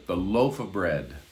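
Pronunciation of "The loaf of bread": In 'the loaf of bread', the word 'of' almost sounds like 'a', just an 'uh' sound.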